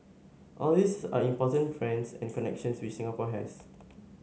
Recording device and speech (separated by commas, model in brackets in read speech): mobile phone (Samsung S8), read sentence